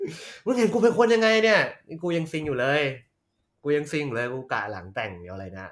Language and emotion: Thai, happy